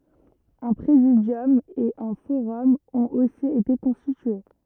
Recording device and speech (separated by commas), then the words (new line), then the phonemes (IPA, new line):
rigid in-ear microphone, read sentence
Un Présidium et un forum ont aussi été constitués.
œ̃ pʁezidjɔm e œ̃ foʁɔm ɔ̃t osi ete kɔ̃stitye